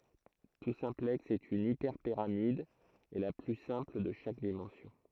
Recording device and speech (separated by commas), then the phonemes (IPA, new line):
throat microphone, read sentence
tu sɛ̃plɛks ɛt yn ipɛʁpiʁamid e la ply sɛ̃pl də ʃak dimɑ̃sjɔ̃